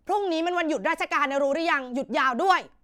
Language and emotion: Thai, angry